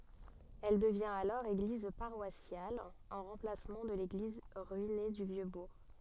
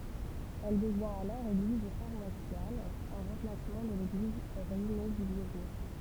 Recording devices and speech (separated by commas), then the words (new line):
soft in-ear microphone, temple vibration pickup, read sentence
Elle devient alors église paroissiale, en remplacement de l'église ruinée du Vieux-Bourg.